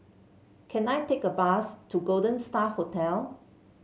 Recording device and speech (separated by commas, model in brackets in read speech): mobile phone (Samsung C7), read sentence